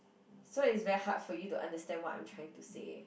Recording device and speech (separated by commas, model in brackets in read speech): boundary microphone, conversation in the same room